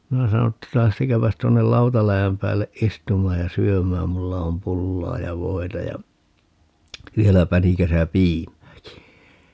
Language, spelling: Finnish, minä sanoin että lähtekääpäs tuonne lautaläjän päälle istumaan ja syömään minulla on pullaa ja voita ja vielä pänikässä piimääkin
- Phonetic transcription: 'minä sano ‿tta » 'lähtekääpäs tuonnel "lautaläjäm päälleʼ "ʼistum̀aaj ja 'syömääm - 'mulla om "pullaa ja 'voi̮ta ja , 'vielä 'pänikäsä "piim̀ääki » .

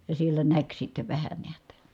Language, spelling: Finnish, ja siellä näki sitten vähän näet
- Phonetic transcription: ja siellä näk sitte vähä neät .

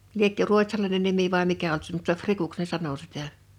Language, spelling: Finnish, liekö ruotsalainen nimi vai mikä ollut se mutta rikuksi ne sanoi sitä
- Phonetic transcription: 'liekkö "ruot́salainen nimi vài 'mikä olt se mutta "frikuks ne 'sano sit̀ä .

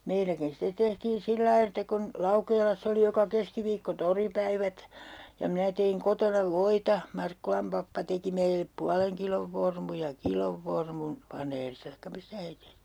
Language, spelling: Finnish, meilläkin sitten tehtiin sillä lailla että kun Laukeelassa oli joka keskiviikko toripäivät ja minä tein kotona voita Markkulan pappa teki meille puolen kilon vormun ja kilon vormun vanerista tai mistä he tehtiin
- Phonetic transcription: 'meiläkin stet tehtiin 'sillai että kun , 'Laukeelassa oli joka 'keskiviikko "toripäivät , ja 'minä teiŋ 'kotona "voita , 'Markkulam pappa teki meilep 'pualeŋ kilov 'vormu ja "kilov 'vormun , 'vaneerista taikka "mistä he tehtii .

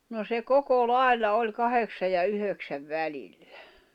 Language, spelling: Finnish, no se koko lailla oli kahdeksan ja yhdeksän välillä
- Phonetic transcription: no se "koko "lài̬lla oĺ 'kaheksa ja 'yhöksäv "välillä .

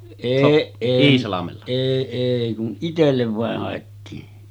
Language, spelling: Finnish, ei ei kun itselle vain haettiin
- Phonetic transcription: 'èi èi kun , 'itellev vàeh hàettiin .

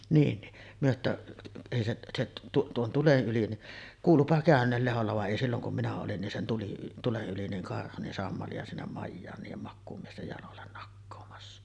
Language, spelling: Finnish, niin niin me että ei se se - tuon tulen yli niin kuuluipa käyneen Lehdolla vaan ei silloin kun minä olin niin sen tuli tulen yli niin karhu niin sammalia sinne majaan niiden makuumiesten jaloille nakkaamassa
- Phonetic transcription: niin ni , myö ‿ttä , » èi seˀ , seˀ , tu- 'tuon 'tulen ’yli « ni’ , kuulupa 'kä̀ön̆neel 'Leholla va ’èi silloŋ kum minä olin nin sen 'tuli , "tuleˀ 'ˀyli niŋ karhu nin 'sammali₍a sinnem "majjaan niijem 'makkuumiestej jalollen nakkoomassa .

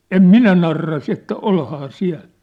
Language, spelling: Finnish, en minä narraa se että olihan siellä
- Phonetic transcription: » "em "minä 'narra « se että » "olhaa 'siä̭l ! «

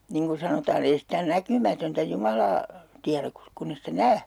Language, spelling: Finnish, niin kuin sanotaan ei sitä näkymätöntä Jumalaa tiedä - kun ei sitä näe
- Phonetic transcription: 'niŋ ku sanotaa'n ‿ei sitä 'näkymätöntä 'Jumalaa , 'tiäräk kus - 'kunn ‿e sitä "nää .

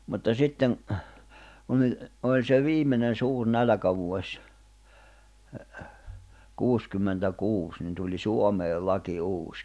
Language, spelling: Finnish, mutta sitten kun oli oli se viimeinen suuri nälkävuosi kuusikymmentäkuusi niin tuli Suomeen laki uusi
- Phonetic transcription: mutta 'sitteŋ , kunⁿ ‿oĺ , oĺ se 'viimenen̬ 'suur 'nälᵃ̈kävuoś , 'kuuskymmentä'kuus nin tuĺi 'Suomeel 'laki 'uus .

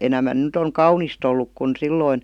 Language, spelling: Finnish, enemmän nyt on kaunista ollut kuin silloin
- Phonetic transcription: 'enämän 'nyt ‿oŋ "kaunist ‿olluk kun 'silloin .

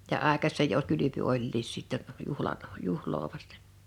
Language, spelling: Finnish, ja aikaisin jo - kylpy olikin sitten juhlan juhlaa vasten
- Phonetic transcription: ja 'àekas̆sèj jo (o) 'kylypy 'oĺliis sitteɴ , 'juhiaɴ , 'juhloo vastᴇɴ .

